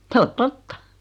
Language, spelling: Finnish, se on totta
- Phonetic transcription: 's ‿o "totta .

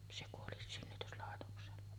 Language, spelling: Finnish, se kuoli synnytyslaitoksella
- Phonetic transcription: se kuoli 'synnytyslàetoksella .

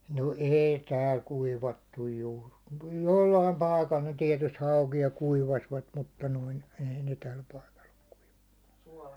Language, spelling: Finnish, no ei täällä kuivattu juuri - jollakin paikalla ne tietysti haukia kuivasivat mutta noin ei ne tällä paikalla ole kuivannut
- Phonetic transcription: no "èi 'tääl 'kuivattuj juur , ku- jollaim 'pai̬kal ne 'tiɛtyst 'haukija 'kuivasvat mutta noin , 'ei ne täi paikal ‿ok kuiᴠᴀɴɴᴜ .

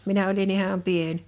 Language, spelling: Finnish, minä olin ihan pieni
- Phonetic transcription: 'minä oli'n ‿iham 'pien .

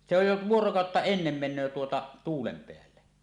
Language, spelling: Finnish, se on jo vuorokautta ennen menee tuota tuulen päälle
- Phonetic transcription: se oj jo "vuorokàotta 'ennem men̆nöö tuota , "tuulem 'peälle .

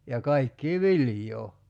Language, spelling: Finnish, ja kaikkia viljaa
- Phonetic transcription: ja 'kaikkii "vilj̀oo .

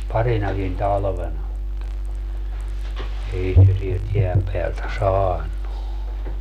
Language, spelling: Finnish, parinakin talvena mutta ei se sieltä jään päältä saanut
- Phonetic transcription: 'parinakin "talvena mutta , 'ei se sielt 'jeäm peältä "saan̆nu .

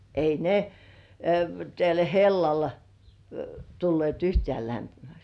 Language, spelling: Finnish, ei ne tällä hellalla tulleet yhtään lämpimäksi
- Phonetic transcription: 'ei "ne , täl 'hellal , tullièt "yhtĕä̀ 'lämpimäks .

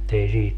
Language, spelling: Finnish, että ei siihen
- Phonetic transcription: ettei siih ,.

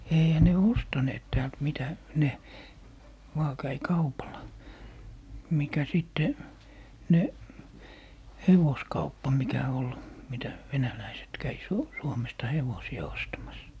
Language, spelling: Finnish, eihän ne ostaneet täältä mitä ne vain kävi kaupalla mikä sitten ne hevoskauppa mikä oli mitä venäläiset kävi - Suomesta hevosia ostamassa
- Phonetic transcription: 'eihä ne "ostaneet 'täält 'mitä , 'ne , vaa 'käi "kaupal̀a , 'mikä 'sitte , 'ne , "hevoskauppa mikä ol , 'mitä , 'venäläiset 'käi , Su- , 'Suomesta 'hevosi₍a 'ostamas .

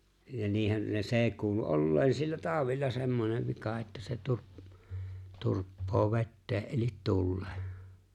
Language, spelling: Finnish, ja niinhän ne se kuului olleen sillä taudilla semmoinen vika että se - turppaa veteen eli tuleen
- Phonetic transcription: ja 'niihän ne 'see kuulu 'olleen sillä 'tàowilla semmonev 'vika että se 'turp- , 'turppoo "vettee ’elit "tullᴇᴇ .

